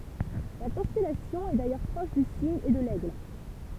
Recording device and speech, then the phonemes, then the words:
temple vibration pickup, read sentence
la kɔ̃stɛlasjɔ̃ ɛ dajœʁ pʁɔʃ dy siɲ e də lɛɡl
La constellation est d'ailleurs proche du Cygne et de l'Aigle.

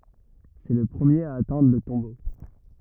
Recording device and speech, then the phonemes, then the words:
rigid in-ear microphone, read sentence
sɛ lə pʁəmjeʁ a atɛ̃dʁ lə tɔ̃bo
C'est le premier à atteindre le tombeau.

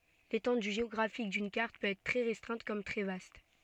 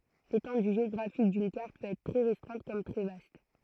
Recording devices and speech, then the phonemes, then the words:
soft in-ear microphone, throat microphone, read sentence
letɑ̃dy ʒeɔɡʁafik dyn kaʁt pøt ɛtʁ tʁɛ ʁɛstʁɛ̃t kɔm tʁɛ vast
L'étendue géographique d'une carte peut être très restreinte comme très vaste.

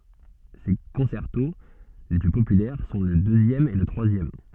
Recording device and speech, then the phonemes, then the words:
soft in-ear microphone, read sentence
se kɔ̃sɛʁto le ply popylɛʁ sɔ̃ lə døzjɛm e lə tʁwazjɛm
Ses concertos les plus populaires sont le deuxième et le troisième.

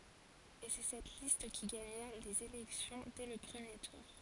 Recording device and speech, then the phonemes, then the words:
forehead accelerometer, read sentence
e sɛ sɛt list ki ɡaɲa lez elɛksjɔ̃ dɛ lə pʁəmje tuʁ
Et c'est cette liste qui gagna les élections dès le premier tour.

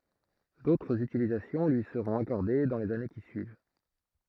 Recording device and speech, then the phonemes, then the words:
throat microphone, read sentence
dotʁz ytilizasjɔ̃ lyi səʁɔ̃t akɔʁde dɑ̃ lez ane ki syiv
D'autres utilisations lui seront accordées dans les années qui suivent.

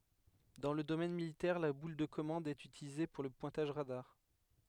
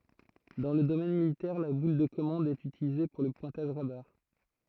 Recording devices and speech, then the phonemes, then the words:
headset microphone, throat microphone, read sentence
dɑ̃ lə domɛn militɛʁ la bul də kɔmɑ̃d ɛt ytilize puʁ lə pwɛ̃taʒ ʁadaʁ
Dans le domaine militaire, la boule de commande est utilisée pour le pointage radar.

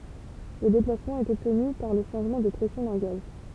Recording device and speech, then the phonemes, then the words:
temple vibration pickup, read sentence
lə deplasmɑ̃ ɛt ɔbtny paʁ lə ʃɑ̃ʒmɑ̃ də pʁɛsjɔ̃ dœ̃ ɡaz
Le déplacement est obtenu par le changement de pression d'un gaz.

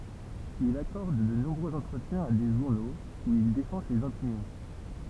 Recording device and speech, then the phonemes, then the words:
temple vibration pickup, read sentence
il akɔʁd də nɔ̃bʁøz ɑ̃tʁətjɛ̃z a de ʒuʁnoz u il defɑ̃ sez opinjɔ̃
Il accorde de nombreux entretiens à des journaux, où il défend ses opinions.

